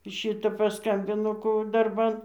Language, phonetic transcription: Lithuanian, ˈšita paˈskambino ˈko au darˈban

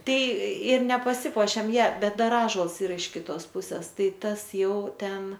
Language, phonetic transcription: Lithuanian, ˈtai ir nepaˈsipuošėm ja ˈbet ˈdar ˈąžuols ˈyra iš kiˈtos ˈpuses ˈtai ˈtas ˈjau ˈten

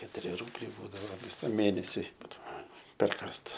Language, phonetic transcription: Lithuanian, ketuˈri ˈrūbliai ˈbūdavo viˈsam ˈmėnesiui ˈbūdavo perˈkąst

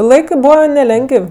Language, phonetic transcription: Lithuanian, ˈlaikɜ ˈbūva neˈlengəv'

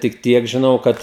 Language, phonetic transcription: Lithuanian, tik ˈtiek žiˈnau ˈkad

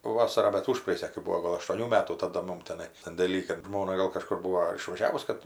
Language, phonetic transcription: Lithuanian, ˈvasarą bet ˈužpraėjusią kai ˈbūo ˈgol aštuoˈnių ˈmetų taˈda ˈmum teˈnai sandėˈly kad ˈžmona gal kaˈžkur ˈbūo ar išvaˈžiavus ˈkad

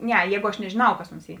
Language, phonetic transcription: Lithuanian, ˈne ˈjēgu aš nežėˈnau kas onsˈy

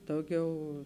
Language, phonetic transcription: Lithuanian, ˈdauˌgiau

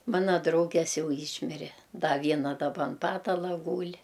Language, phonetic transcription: Lithuanian, ˈmana ˈdrauges ˈjau ˈyšmire ˈda ˈviena daˈba an ˈpatala ˈgūl'

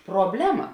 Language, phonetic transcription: Lithuanian, probˈlema

